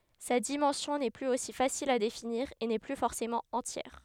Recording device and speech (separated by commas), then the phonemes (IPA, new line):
headset microphone, read sentence
sa dimɑ̃sjɔ̃ nɛ plyz osi fasil a definiʁ e nɛ ply fɔʁsemɑ̃ ɑ̃tjɛʁ